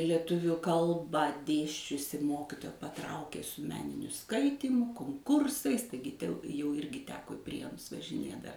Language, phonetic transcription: Lithuanian, lieˈtuviu ˈkalbą ˈdėsčiusi ˈmokitoja paˈtraukė su ˈmeniniu ˈskaitymu konˈkursais ˈtaigi tiau jau ˈirgi ˈteko i ˈprienus važiˈnė da

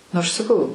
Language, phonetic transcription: Lithuanian, aš saˈkau

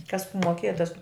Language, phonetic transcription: Lithuanian, kas moˈkėja tas

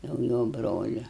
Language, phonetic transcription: Lithuanian, jau ˈjo ˈbroliu

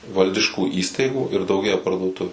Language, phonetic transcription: Lithuanian, ˈvaldiškų ˈįstaigų ir dauˈgėja parduoˈtuviu

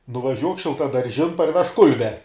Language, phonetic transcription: Lithuanian, nuvaˈžiuok šiltadarˈžin parˈvežk ˈkulbe

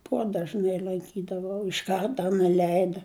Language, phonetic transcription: Lithuanian, ˈpodažnæi lanˈkydavau iš ˈkarta neˈleida

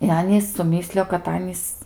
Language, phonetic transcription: Lithuanian, i ˈanys suˈmyslijo kad ˈanys

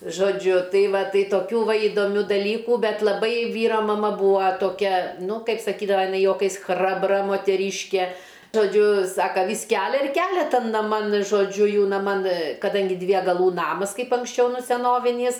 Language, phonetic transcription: Lithuanian, žoˈdžiu ˈtai ˈva ˈtai toˈkių ˈva įdoˈmių daˈlykų ˈbet laˈbai ˈvyra maˈma ˈbūa toˈkia ˈnu ˈkaip saˈkydava jiˈnai juoˈkais ˈchrabra moteˈryške žoˈdžiu ˈsaka vys ˈkælia ir ˈkælia ˈtan naˈman žoˈdžiu ˈjų naˈman kaˈdangi dvie gaˈlų ˈnamas ˈkaip anksˈčiau ˈnu seˈnovinys

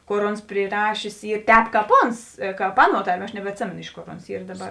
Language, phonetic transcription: Lithuanian, ˈkor ˈons priˈrašės ˈy ˈtēp ˈkāp ˈons ˈkāp ˈaˌnuo ˈtarˌmie aš nebetˈsėmėno ˈiš ˌkor ˈons ˈyr daˈbar

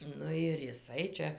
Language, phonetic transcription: Lithuanian, ˈnu ir jiˈsai čia

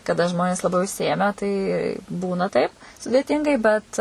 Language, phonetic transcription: Lithuanian, kaˈda ˈžmonės laˈbai užsiˈėmę tai ˈbūna ˈtaip sudėˈtyngai bet

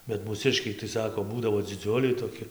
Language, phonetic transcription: Lithuanian, bet mūˈsiškiai tai ˈsako ˈbūdavo dziˈdziuliai toˈki

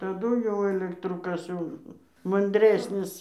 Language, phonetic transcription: Lithuanian, taˈdu ˈjau elekˈtru ˈkas jau manˈdrėsnis

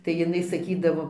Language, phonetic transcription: Lithuanian, tai jiˈnai saˈkydavo

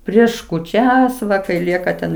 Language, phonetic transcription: Lithuanian, ˈprieš kūˈčias ˈva kai ˈlieka ten

